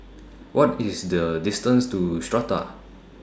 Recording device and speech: standing microphone (AKG C214), read sentence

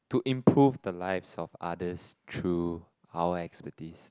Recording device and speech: close-talking microphone, conversation in the same room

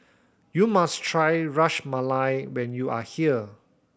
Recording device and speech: boundary microphone (BM630), read sentence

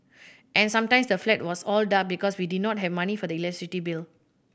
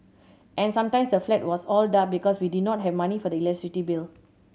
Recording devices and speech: boundary microphone (BM630), mobile phone (Samsung C7100), read sentence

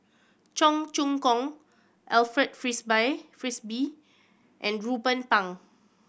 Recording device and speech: boundary microphone (BM630), read sentence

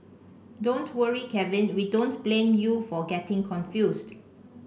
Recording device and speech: boundary microphone (BM630), read sentence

